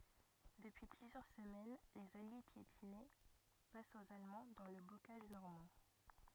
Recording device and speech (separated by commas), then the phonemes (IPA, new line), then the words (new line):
rigid in-ear microphone, read sentence
dəpyi plyzjœʁ səmɛn lez alje pjetinɛ fas oz almɑ̃ dɑ̃ lə bokaʒ nɔʁmɑ̃
Depuis plusieurs semaines, les Alliés piétinaient face aux Allemands dans le bocage normand.